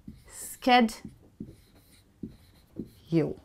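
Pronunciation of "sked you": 'Schedule' is pronounced the American way here, starting with 'sked' rather than the British 'shed'.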